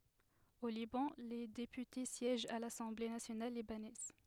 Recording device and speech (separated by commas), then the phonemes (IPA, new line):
headset microphone, read sentence
o libɑ̃ le depyte sjɛʒt a lasɑ̃ble nasjonal libanɛz